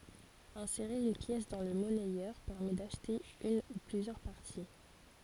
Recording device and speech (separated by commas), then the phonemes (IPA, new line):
forehead accelerometer, read sentence
ɛ̃seʁe yn pjɛs dɑ̃ lə mɔnɛjœʁ pɛʁmɛ daʃte yn u plyzjœʁ paʁti